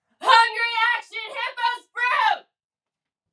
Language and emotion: English, angry